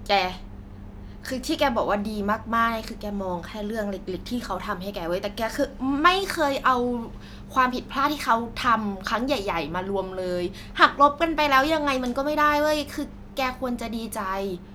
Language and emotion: Thai, frustrated